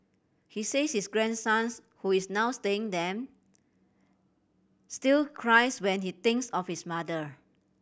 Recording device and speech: boundary microphone (BM630), read sentence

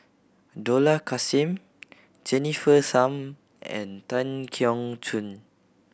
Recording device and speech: boundary microphone (BM630), read sentence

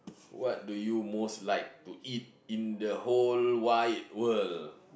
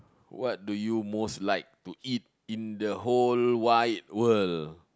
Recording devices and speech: boundary microphone, close-talking microphone, conversation in the same room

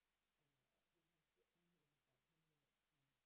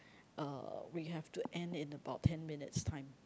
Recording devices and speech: boundary microphone, close-talking microphone, conversation in the same room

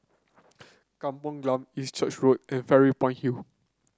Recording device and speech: close-talking microphone (WH30), read sentence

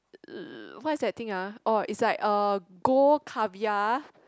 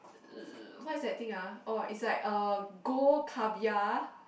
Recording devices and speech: close-talking microphone, boundary microphone, conversation in the same room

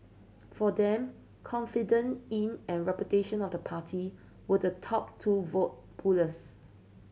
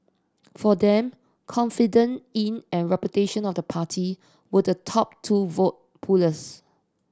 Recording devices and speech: mobile phone (Samsung C7100), standing microphone (AKG C214), read sentence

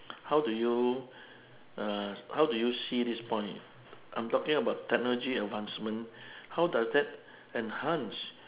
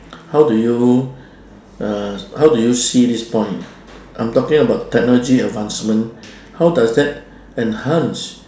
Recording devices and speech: telephone, standing microphone, conversation in separate rooms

